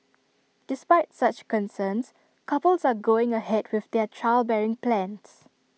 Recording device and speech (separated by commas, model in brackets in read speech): mobile phone (iPhone 6), read sentence